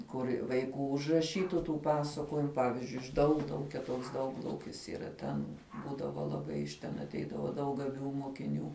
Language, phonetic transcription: Lithuanian, ˈkur' vaiˈkų užraˈšytu tų ˈpasakojimu ˈpavizdžiui iš ˈdauglaukia ˈtoks ˈdauglaukis yˈra ten ˈbūdavo laˈbai iš ˈten atˈeidava ˈdaug gaˈbių mokiˈnių

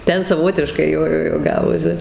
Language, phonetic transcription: Lithuanian, ˈten saˈvotiškai ˈjo ˈjo ˈjo ˈgavosi

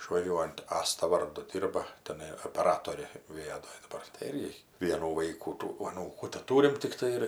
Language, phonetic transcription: Lithuanian, išvaˈžiuojunt ˈasta ˈvardu ˈdirba teˈnai opeˈratorė viˈadoj daˈbar tai ˈirgi ˈvienų ˈvaikų tų aˈnūkų teˈtūrim tikˈtai ir

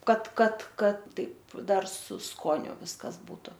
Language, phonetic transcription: Lithuanian, ˈkad ˈkad ˈkad ˈtaip ˈdar su ˈskoniu ˈviskas ˈbūtu

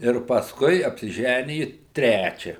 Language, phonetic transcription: Lithuanian, ir pasˈkui apsiˈžæniju ˈtræčia

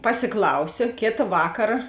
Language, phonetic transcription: Lithuanian, pasiˈklausio ˈkėta ˈvakara

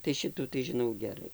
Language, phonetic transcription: Lithuanian, tai ˈšitų tai žiˈnau geˈrai

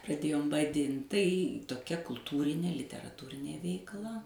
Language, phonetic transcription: Lithuanian, praˈdėjom vaˈdint tai toˈkia kulˈtūrinė literaˈtūrinė veikˈla

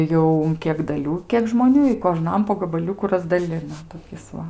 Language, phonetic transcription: Lithuanian, ˈjau un ˈkiek daˈlių ˈkiek žmoˈnių i koˈžnam po gabaˈliuku razdaˈlina toˈkis ˈva

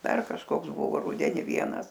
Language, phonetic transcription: Lithuanian, ˈdar kažˈkoks ˈbuvo ˈrudeni ˈvienas

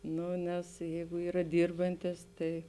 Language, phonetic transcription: Lithuanian, ˈnu nes ˈjeigu ˈyra ˈdyrbantis ˈtai

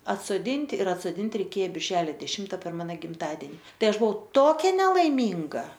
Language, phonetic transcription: Lithuanian, atsoˈdinti ir atsoˈdinti reiˈkė birˈželio deˈšimta per ˈmano gimˈtadeni ˈtai ˈaš buˈvau ˈtokia nelaiˈmynga

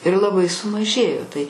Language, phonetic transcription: Lithuanian, ir laˈbai sumaˈžėjo tai

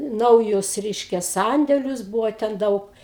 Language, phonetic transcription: Lithuanian, ˈnaujus ˈreiškia ˈsandelius ˈbūvo ten ˈdaug

